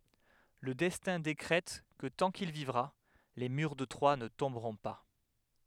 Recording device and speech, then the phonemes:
headset microphone, read sentence
lə dɛstɛ̃ dekʁɛt kə tɑ̃ kil vivʁa le myʁ də tʁwa nə tɔ̃bʁɔ̃ pa

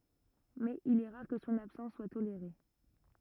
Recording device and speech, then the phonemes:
rigid in-ear microphone, read sentence
mɛz il ɛ ʁaʁ kə sɔ̃n absɑ̃s swa toleʁe

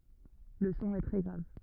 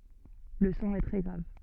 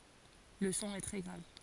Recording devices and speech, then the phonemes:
rigid in-ear microphone, soft in-ear microphone, forehead accelerometer, read sentence
lə sɔ̃ ɛ tʁɛ ɡʁav

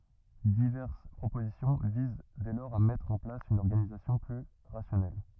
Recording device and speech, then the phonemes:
rigid in-ear microphone, read sentence
divɛʁs pʁopozisjɔ̃ viz dɛ lɔʁz a mɛtʁ ɑ̃ plas yn ɔʁɡanizasjɔ̃ ply ʁasjɔnɛl

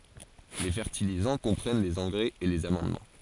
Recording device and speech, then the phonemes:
forehead accelerometer, read sentence
le fɛʁtilizɑ̃ kɔ̃pʁɛn lez ɑ̃ɡʁɛz e lez amɑ̃dmɑ̃

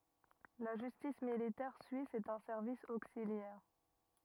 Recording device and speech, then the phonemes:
rigid in-ear microphone, read sentence
la ʒystis militɛʁ syis ɛt œ̃ sɛʁvis oksiljɛʁ

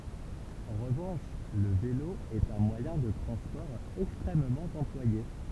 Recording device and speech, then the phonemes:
temple vibration pickup, read sentence
ɑ̃ ʁəvɑ̃ʃ lə velo ɛt œ̃ mwajɛ̃ də tʁɑ̃spɔʁ ɛkstʁɛmmɑ̃ ɑ̃plwaje

